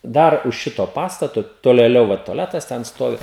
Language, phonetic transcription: Lithuanian, ˈdar už ˈšito ˈpastato tolėˈliau ˈva toˈletas ten ˈstovi

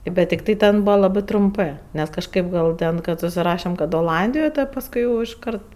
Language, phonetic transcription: Lithuanian, bet tikˈtai ˈten ˈbūva laˈbɜ trumˈpɜ nes kažˈkaip ˈgal ˈten kad susiˈrašem kad oˈlandijoj ˈtad pasˈkui jau išˈkart

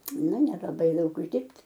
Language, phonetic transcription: Lithuanian, nu neraˈdai ˈdaug užˈdirbt'

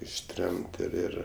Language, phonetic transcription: Lithuanian, išˈtremt ir ˈir

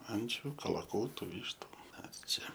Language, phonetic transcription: Lithuanian, ˈančiu kalaˈkūtu ˈvyštu ˈmes ˈčia

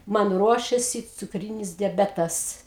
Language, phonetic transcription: Lithuanian, ˈman ˈruošėsi cukˈrynis deˈbetas

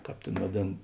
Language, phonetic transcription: Lithuanian, ˈkāp ˈtėn vaˈdėn

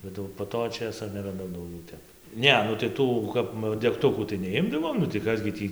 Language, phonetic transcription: Lithuanian, bet ˈjau po ˈto ˈčėso neraˈdau dauˈgiau ˈtep ˈne nu tai ˈtų kap degˈtukų tai neˈimdavom nu tai ˈkas gi ˈtį

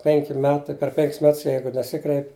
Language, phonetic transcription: Lithuanian, ˈpenki ˈmetai per ˈpenkis ˈmets ˈjeigu neˈsikreipi

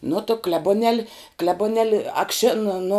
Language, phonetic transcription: Lithuanian, nu tu klebuˈnel' klebuˈnel' akˈšin nu

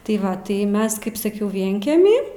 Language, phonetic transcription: Lithuanian, tai ˈva tai ˈmes ˈkaip saˈkiau ˈvienkemi

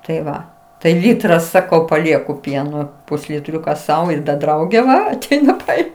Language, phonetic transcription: Lithuanian, tai ˈva tai ˈlytra ˈsakau paˈlieku ˈpieno pusliˈtriuka ˈsau ir da ˈdraugė ˈva aˈteina ˈtai

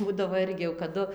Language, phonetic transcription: Lithuanian, ˈbūdavo ˈirgi jau kaˈdu

